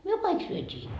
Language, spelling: Finnish, me kaikki syötiin
- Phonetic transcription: myö "kaik 'syöt́ii .

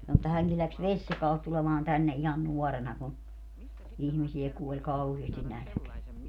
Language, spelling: Finnish, sanoi että hänkin lähti Vesijakaalta tulemaan tänne ihan nuorena kun ihmisiä kuoli kauheasti nälkään
- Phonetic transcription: sano että 'häŋki läks "Veśjakaalt tulemaan 'tänne ihan 'nuɔrena ku , 'ihmisiɛ 'kuoĺ "kauheestin "nälᵃ̈keä .

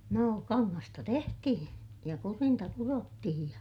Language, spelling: Finnish, no kangasta tehtiin ja kudinta kudottiin ja
- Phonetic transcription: noo , kaŋŋasta tehtihiḭ , ja kurinta kurottihij ja ,.

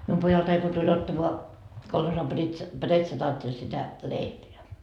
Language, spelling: Finnish, minun pojaltani kun tuli ottamaan kolhoosin - pretsataatteli sitä leipää
- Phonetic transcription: 'mium pojaltai ko tuĺ 'ottamoa , kolhosam 'Britsa- , 'bretsataatteĺ sitä "leipeä .

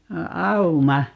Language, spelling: Finnish, auma
- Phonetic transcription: 'auma .

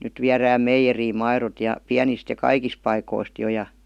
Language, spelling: Finnish, nyt viedään meijeriin maidot ja pienistä ja kaikista paikoista jo ja
- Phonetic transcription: 'nyt viärääm "meijeriim 'mairot ja , 'piänist ja "kaikis 'paikoist jo ja .

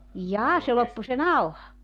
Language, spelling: Finnish, jaa se loppui se nauha
- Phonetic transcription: 'jaa se 'loppu se "nauha .

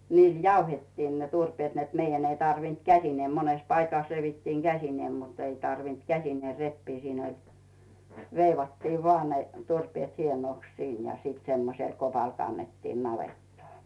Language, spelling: Finnish, niillä jauhettiin ne turpeet että meidän ei tarvinnut käsineen monessa paikassa revittiin käsin mutta ei tarvinnut käsineen repiä siinä oli veivattiin vain ne turpeet hienoksi siinä ja semmoisella kopalla kannettiin navettaan
- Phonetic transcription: 'niil "jauhettiin ne 'turpeet net 'meijän ei tarvint "käsinee 'mones paikàs 'revittiiŋ "Gäsinee mut ‿ei tarvint "käsinee 'reppii siin ‿oĺ , 'veivattii 'voà ne , turpⁱèt 'hienòks 'siin ja semmosel 'kopal kannettiin 'navettaa .

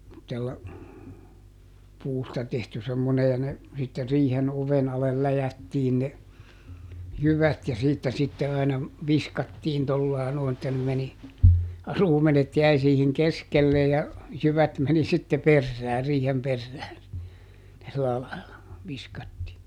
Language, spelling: Finnish, semmoisella puusta tehty semmoinen ja ne sitten riihen oven alle läjättiin ne jyvät ja siitä sitten aina viskattiin tuolla lailla noin että ne meni ruumenet jäi siihen keskelle ja jyvät meni sitten perään riihen perään sillä lailla viskattiin
- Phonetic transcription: [sem]mottella , "puusta tehty semmone ja ne , sitte ˈriihen "oven alel ˈläjättiin ne , "jyvät ja ˈsiittä sitte aina , "viskattiin ˈtollài̮ nòi̮n että ne meni , "ruumenet ˈjäi siihiŋ "keskelle ja , ˈjyvät meni sitte "perrää ˈriihem ˈperrää , sillä laila , ˈviskattii .

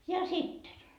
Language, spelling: Finnish, ja sitten
- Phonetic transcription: 'ja "sitten .

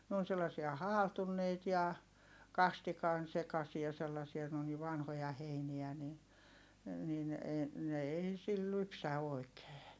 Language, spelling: Finnish, ne on sellaisia haaltuneita ja kastikan sekaisia sellaisia ne on niin vanhoja heiniä niin niin ei ne ei sillä lypsä oikein
- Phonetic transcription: n ‿oon sellasia haaltunneit ja , kastikan sekasia sellasia ne on ni vanhoja heiniä ni , nin , ee , ne ei sil lypsä òi̮kee .

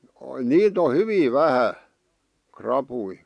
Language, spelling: Finnish, niitä on hyvin vähän rapuja
- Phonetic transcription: niit ‿o "hyvi 'vähä , "krapui .

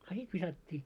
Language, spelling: Finnish, a sitten viskattiin
- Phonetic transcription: a 'sit 'visat́t́ii .

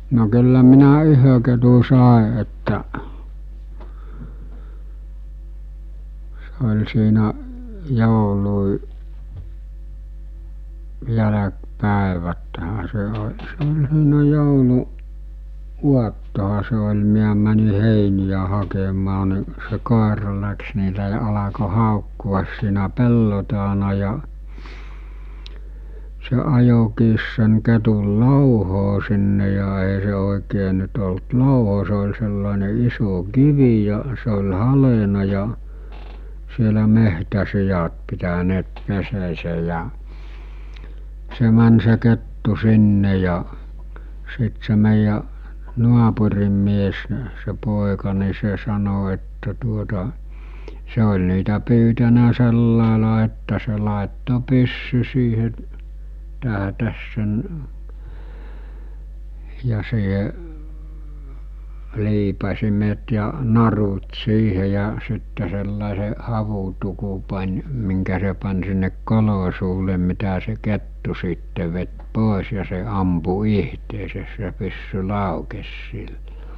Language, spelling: Finnish, no kyllä minä yhden ketun sain että se oli siinä’ joulun jälkipäiväthän se - se oli siinä - jouluaattonahan se oli minä meni heiniä hakemaan niin se koira lähti niin se alkoi haukkua siinä pellon takana ja se ajoikin sen ketun louhoon sinne ja ei se oikein nyt ollut louho se oli sellainen iso kivi ja se oli haljennut ja siellä metsäsiat pitäneet pesäänsä ja se meni se kettu sinne ja sitten se meidän naapurin mies niin se poika niin se sanoi että tuota se oli niitä pyytänyt sillä lailla että se laittoi pyssyn siihen’ tähtäsi sen ja siihen liipasimet ja narut siihen ja sitten sellaisen havutukun pani minkä se pani sinne kolon suulle mitä se kettu sitten veti pois ja se ampui itseään se pyssy laukesi silloin
- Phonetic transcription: no kyllä minä 'yhö ketu 'sàe ettäˀ , se oĺ siinä’ , 'joului’ , 'jäläk'pä̀eväthä se o- , se oĺ siinä 'joulu- , -"uattoha se oĺ miä mäni 'hèinijä hakemaa ni , se 'kòera läks ni s̬e alako 'hàokku₍as siinä 'pello taana ja , se ajokiis sen̳ ketul 'lòuhoo sinne ja è₍ä se òikee nyt olt 'lòuho se ol sellàene 'iso "kivi ja , se ol̜ 'halena ja , sielä 'mehtä'sijat pitäneet 'peseesej jä͔ , 'se män se 'kettu 'sinne ja , 'sit se mèijjä , 'nuapurim mies ni̬ , se 'pòeka ni 'se sano että tuota , 'se oĺ niitä pyytänä 'sellàela että se làetto 'pyssy siihe’ , täɦᵃ̈täs sen , ja siihe , 'liipasimet ja , 'narut 'siihe ja sitte sellàese , 'havutuku pań , miŋkä se pan sinnek 'kolo suule mitä se 'kettu siitte vet 'pòes ja se 'ampu 'ihteeses se pyssy 'làukes 'sill(o) .

